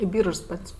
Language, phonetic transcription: Lithuanian, i ˈbyržs ˈpat's'

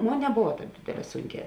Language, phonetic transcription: Lithuanian, ˈmon neˈbovaˈtāp ˈdėdėˌlē ˈsunˌkē

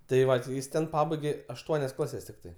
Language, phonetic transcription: Lithuanian, tai ˈva ti ˈjis ˈten ˈpabaigė ašˈtuonias ˈklases tikˈtai

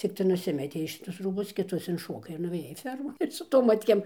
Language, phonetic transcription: Lithuanian, cikˈtai nuˈsimetei šiˈtus ˈrūbus kiˈtus inˈšokai ir nuvėˈjai ˈfermon ir su ˈtom ˈmatkėm

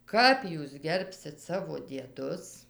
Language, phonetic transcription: Lithuanian, ˈkap jūs ˈgerbsit ˈsavo dieˈdus

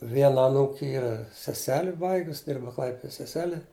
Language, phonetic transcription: Lithuanian, ˈviena aˈnūki ˈyra seˈseli ˈbaigus ˈdirba ˈklaipido seˈsele

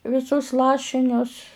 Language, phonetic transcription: Lithuanian, viˈsus ˈlašinius

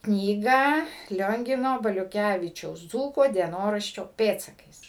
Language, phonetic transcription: Lithuanian, ˈknygą ˈliongino baliuˈkævičiaus ˈdzūko dieˈnoraščio ˈpėdsakais

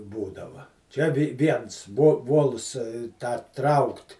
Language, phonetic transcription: Lithuanian, ˈbūdava ˈčia vi ˈviens vo ˈvols tą ˈtraukt

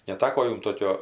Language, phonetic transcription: Lithuanian, neˈtako ˈjum ˈtokio

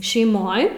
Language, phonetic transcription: Lithuanian, šeiˈmoj

